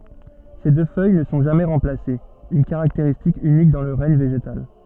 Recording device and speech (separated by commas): soft in-ear microphone, read sentence